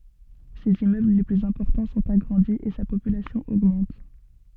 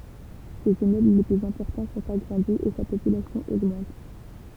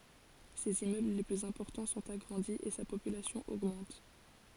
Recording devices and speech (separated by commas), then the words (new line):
soft in-ear microphone, temple vibration pickup, forehead accelerometer, read sentence
Ses immeubles les plus importants sont agrandis et sa population augmente.